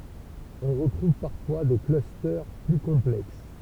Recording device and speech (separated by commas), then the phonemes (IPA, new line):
temple vibration pickup, read sentence
ɔ̃ ʁətʁuv paʁfwa de klyste ply kɔ̃plɛks